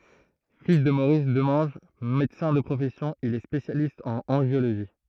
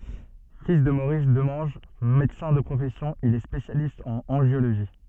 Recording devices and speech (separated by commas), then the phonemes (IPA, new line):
throat microphone, soft in-ear microphone, read sentence
fil də moʁis dəmɑ̃ʒ medəsɛ̃ də pʁofɛsjɔ̃ il ɛ spesjalist ɑ̃n ɑ̃ʒjoloʒi